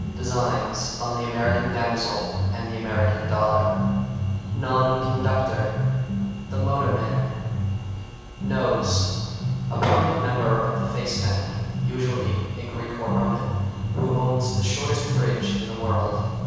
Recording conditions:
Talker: one person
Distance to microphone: 7.1 m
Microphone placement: far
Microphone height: 1.7 m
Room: very reverberant, large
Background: music

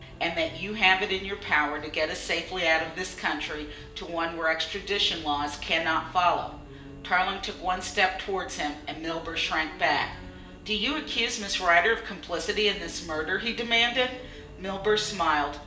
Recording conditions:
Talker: one person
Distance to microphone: 1.8 m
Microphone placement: close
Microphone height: 1.0 m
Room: large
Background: music

